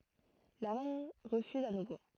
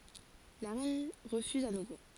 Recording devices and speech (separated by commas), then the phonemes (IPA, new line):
throat microphone, forehead accelerometer, read sentence
la ʁɛn ʁəfyz a nuvo